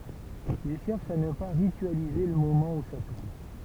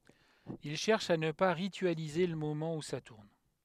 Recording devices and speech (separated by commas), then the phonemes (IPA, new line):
temple vibration pickup, headset microphone, read sentence
il ʃɛʁʃ a nə pa ʁityalize lə momɑ̃ u sa tuʁn